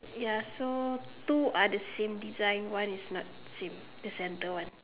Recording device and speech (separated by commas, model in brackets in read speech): telephone, conversation in separate rooms